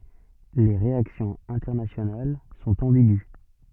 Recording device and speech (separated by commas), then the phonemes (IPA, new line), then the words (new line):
soft in-ear microphone, read sentence
le ʁeaksjɔ̃z ɛ̃tɛʁnasjonal sɔ̃t ɑ̃biɡy
Les réactions internationales sont ambiguës.